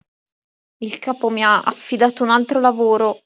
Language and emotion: Italian, fearful